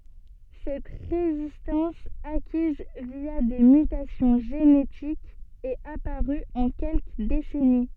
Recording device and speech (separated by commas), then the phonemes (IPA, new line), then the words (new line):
soft in-ear microphone, read sentence
sɛt ʁezistɑ̃s akiz vja de mytasjɔ̃ ʒenetikz ɛt apaʁy ɑ̃ kɛlkə desɛni
Cette résistance, acquise via des mutations génétiques, est apparue en quelques décennies.